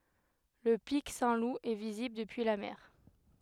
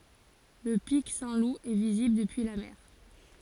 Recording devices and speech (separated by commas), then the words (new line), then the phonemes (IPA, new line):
headset microphone, forehead accelerometer, read sentence
Le pic Saint-Loup est visible depuis la mer.
lə pik sɛ̃tlup ɛ vizibl dəpyi la mɛʁ